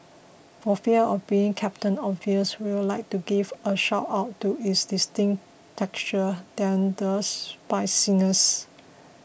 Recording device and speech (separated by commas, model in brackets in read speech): boundary microphone (BM630), read sentence